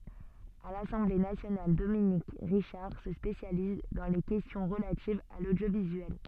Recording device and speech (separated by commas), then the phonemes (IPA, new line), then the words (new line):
soft in-ear microphone, read sentence
a lasɑ̃ble nasjonal dominik ʁiʃaʁ sə spesjaliz dɑ̃ le kɛstjɔ̃ ʁəlativz a lodjovizyɛl
À l'Assemblée nationale, Dominique Richard se spécialise dans les questions relatives à l'audiovisuel.